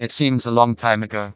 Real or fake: fake